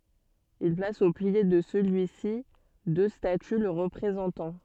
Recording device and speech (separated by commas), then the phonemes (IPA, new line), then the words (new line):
soft in-ear microphone, read sentence
il plas o pje də səlyi si dø staty lə ʁəpʁezɑ̃tɑ̃
Il place au pied de celui-ci deux statues le représentant.